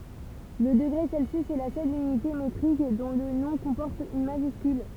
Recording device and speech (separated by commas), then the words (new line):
temple vibration pickup, read sentence
Le degré Celsius est la seule unité métrique dont le nom comporte une majuscule.